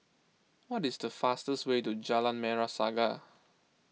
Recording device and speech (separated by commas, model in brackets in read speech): mobile phone (iPhone 6), read sentence